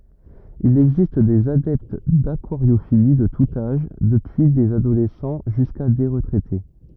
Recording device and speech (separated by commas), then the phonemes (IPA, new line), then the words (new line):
rigid in-ear microphone, read sentence
il ɛɡzist dez adɛpt dakwaʁjofili də tut aʒ dəpyi dez adolɛsɑ̃ ʒyska de ʁətʁɛte
Il existe des adeptes d'aquariophilie de tout âge, depuis des adolescents jusqu'à des retraités.